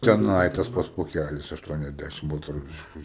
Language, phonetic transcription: Lithuanian, teˈnai tas ˈpats poˈkælis ašˌtuoniasˈdæšim baltaˈrusišku

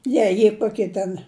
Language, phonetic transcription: Lithuanian, ˈjei jie ˈkokie ten

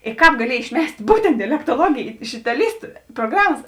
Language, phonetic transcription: Lithuanian, i ˈkāp gaˈliej išˈmes't' ˈbūtent dialektoˈluogėj iš itaˈlystu proˈgramas

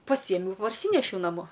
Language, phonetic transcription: Lithuanian, paˈsiemiau parˈsynešiau naˈmo

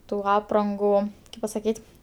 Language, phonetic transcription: Lithuanian, tų ˈaprangu kaip pasaˈkyt'

